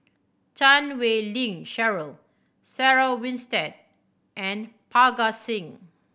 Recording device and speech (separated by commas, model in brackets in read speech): boundary microphone (BM630), read sentence